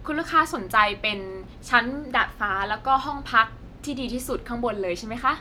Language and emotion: Thai, happy